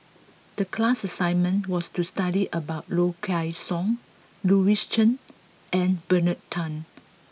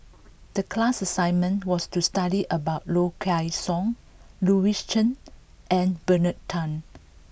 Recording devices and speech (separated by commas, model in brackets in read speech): mobile phone (iPhone 6), boundary microphone (BM630), read sentence